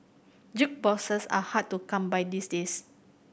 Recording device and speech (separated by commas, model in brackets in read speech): boundary microphone (BM630), read sentence